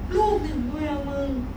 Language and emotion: Thai, frustrated